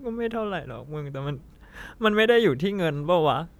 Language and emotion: Thai, sad